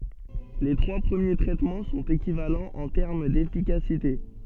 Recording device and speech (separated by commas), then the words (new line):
soft in-ear microphone, read sentence
Les trois premiers traitements sont équivalents en termes d'efficacité.